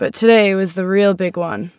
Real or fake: real